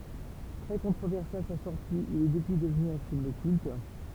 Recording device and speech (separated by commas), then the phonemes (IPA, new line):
temple vibration pickup, read sentence
tʁɛ kɔ̃tʁovɛʁse a sa sɔʁti il ɛ dəpyi dəvny œ̃ film kylt